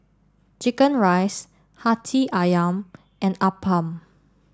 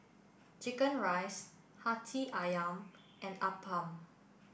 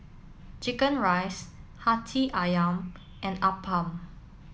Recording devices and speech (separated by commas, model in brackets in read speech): standing microphone (AKG C214), boundary microphone (BM630), mobile phone (iPhone 7), read sentence